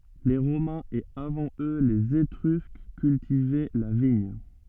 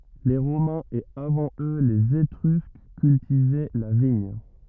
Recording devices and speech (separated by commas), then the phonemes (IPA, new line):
soft in-ear microphone, rigid in-ear microphone, read sentence
le ʁomɛ̃z e avɑ̃ ø lez etʁysk kyltivɛ la viɲ